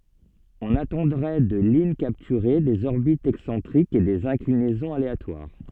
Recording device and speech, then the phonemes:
soft in-ear microphone, read sentence
ɔ̃n atɑ̃dʁɛ də lyn kaptyʁe dez ɔʁbitz ɛksɑ̃tʁikz e dez ɛ̃klinɛzɔ̃z aleatwaʁ

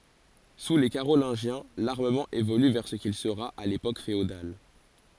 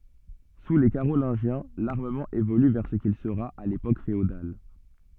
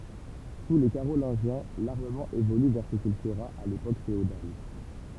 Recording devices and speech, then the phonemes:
forehead accelerometer, soft in-ear microphone, temple vibration pickup, read sentence
su le kaʁolɛ̃ʒjɛ̃ laʁməmɑ̃ evoly vɛʁ sə kil səʁa a lepok feodal

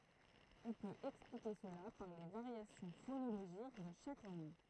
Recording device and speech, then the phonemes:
throat microphone, read sentence
ɔ̃ pøt ɛksplike səla paʁ le vaʁjasjɔ̃ fonoloʒik də ʃak lɑ̃ɡ

